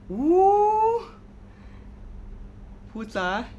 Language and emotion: Thai, frustrated